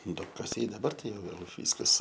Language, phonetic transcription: Lithuanian, duobkaˈsiai daˈbar ˈtai ˈjau vėl ˈvyskas

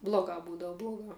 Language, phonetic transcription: Lithuanian, bloˈgā ˈbūdava bloˈgā

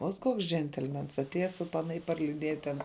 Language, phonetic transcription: Lithuanian, ot ˈkoks ˈdžentelmens atˈėja su ˈpana ir parliˈdieja ˈten

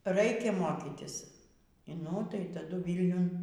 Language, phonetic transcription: Lithuanian, ˈraikia ˈmokitis nu tai taˈdu ˈvylniun

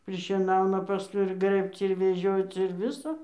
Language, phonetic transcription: Lithuanian, prišieˈnauna paˈskui ir ˈgrɘbc ir veˈžioc ir ˈviso

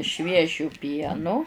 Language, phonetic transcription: Lithuanian, ˈšviežiu ˈpienu

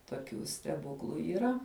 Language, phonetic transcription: Lithuanian, toˈkių steˈbuklu yˈra

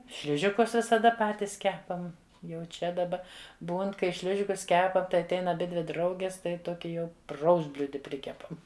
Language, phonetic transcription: Lithuanian, ˈšližikus visaˈda ˈpatis ˈkepam jau ˈčia daˈba ˈbūn kai ˈšližikus ˈkepam tai atˈein aˈbidvi ˈdraugis tai ˈtoki jau ˈpraustbliudi ˈprikepam

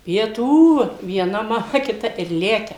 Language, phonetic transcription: Lithuanian, pieˈtų vieˈna maˈma kiˈta ir ˈlekia

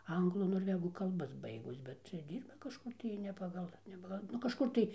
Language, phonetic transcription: Lithuanian, ˈanglų norˈvegų kalˈbas ˈbaigus ˈbet čia ˈdyrba kažˈkur tai ne ˈpagal ne ˈpagal ˈnu kažˈkur tai

